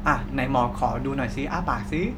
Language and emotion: Thai, neutral